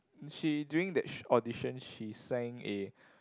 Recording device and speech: close-talking microphone, conversation in the same room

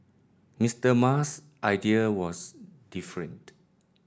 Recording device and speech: standing microphone (AKG C214), read sentence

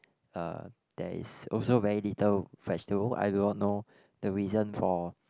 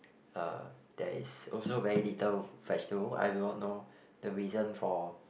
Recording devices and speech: close-talking microphone, boundary microphone, conversation in the same room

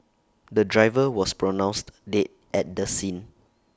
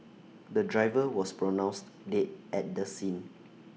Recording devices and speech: standing microphone (AKG C214), mobile phone (iPhone 6), read sentence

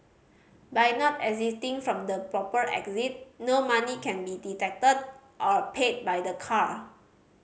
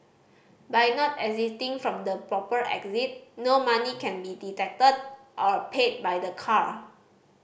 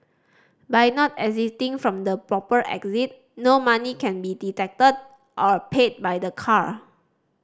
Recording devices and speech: mobile phone (Samsung C5010), boundary microphone (BM630), standing microphone (AKG C214), read sentence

